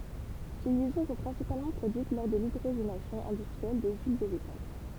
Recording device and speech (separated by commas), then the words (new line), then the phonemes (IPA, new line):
temple vibration pickup, read sentence
Ces liaisons sont principalement produites lors de l'hydrogénation industrielle des huiles végétales.
se ljɛzɔ̃ sɔ̃ pʁɛ̃sipalmɑ̃ pʁodyit lɔʁ də lidʁoʒenasjɔ̃ ɛ̃dystʁiɛl de yil veʒetal